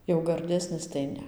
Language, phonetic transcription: Lithuanian, jau garˈdesnis tai ˈne

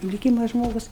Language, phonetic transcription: Lithuanian, liˈkyma ˈžmogus

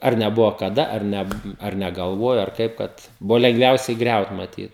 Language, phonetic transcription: Lithuanian, ˈar neˈbuvo kaˈda ar ˈne ar neˈgalvuojo ar ˈkaip kad ˈbuvo lengˈviausiai ˈgriaut maˈtyt

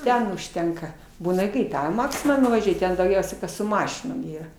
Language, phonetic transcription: Lithuanian, ˈten užˈtenka ˈbūna i kai ˈką i ˈmaksimą nuvaˈžiuoj ˈten dauˈgiausiai ˈkas su ˈmašinom ˈyra

